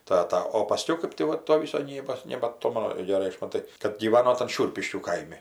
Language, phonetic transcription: Lithuanian, ˈtata o paˈskiau ˈkɜp ti ˈva ˈto vis saˈnybos nebaˈtomanu geˈrai ˈaš maˈtai kad gyˈvano tan ˈšiurpiškių ˈkaimi

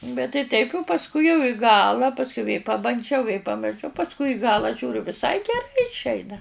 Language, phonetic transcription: Lithuanian, bet tai ˈteip' u pasˈkui jau i ˈgala ˈpaskiu vė pabanˈdžiau vė pamirˈšau pasˈkui i ˈgala ˈžiūriu viˈsai geˈrai išˈeina

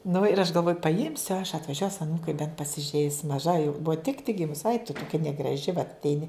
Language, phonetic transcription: Lithuanian, nu ir aš galˈvoju paˈimsiu aš atvaˈžiuos aˈnūkai bent pasiˈžeis maˈža jau ˈbuva tik tik ˈgimus aik tu toˈkia negraˈži vat atˈeini

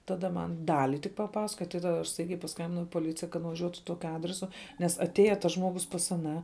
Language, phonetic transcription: Lithuanian, taˈda ˈman ˈdali tik paˈpasakoja tat taˈda aš ˈstaigiai paˈskambinau i poˈlicija kad nuvaˈžiuotu ˈtokiu ˈadresu nes atˈėja tas ˈžmogus pas aˈną

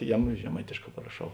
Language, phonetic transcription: Lithuanian, ˈjeˌmu žeˈmaitėšˌkā paraˈšau

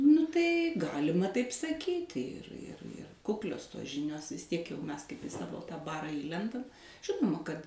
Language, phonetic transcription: Lithuanian, nu ˈtai ˈgalima taip saˈkyti ir ir ir ˈkuklios tos ˈžinios vis ˈtiek ˈmes kaip i ˈsavo tą ˈbarą ˈįlendam ˈžinoma kad

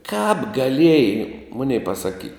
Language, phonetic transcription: Lithuanian, kāp gaˈlėjai ˈmunei pasaˈky

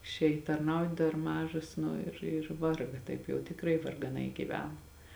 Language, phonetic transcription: Lithuanian, išˈėj tarˈnaut dar ˈmažos ˈnu ir ir ˈvarga ˈtaip jau tikˈrai vargaˈnai gyˈvena

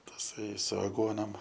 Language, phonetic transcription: Lithuanian, taˈsai su aˈguonom

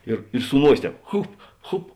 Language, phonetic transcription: Lithuanian, ir i su ˈnuosė ˈtēp ˈchup ˈchup

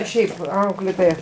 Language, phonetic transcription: Lithuanian, ˈšiaip ˈauklėtoja

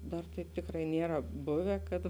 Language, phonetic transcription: Lithuanian, ˈdar taip ˈtikrai ˈniera ˈbuve kad

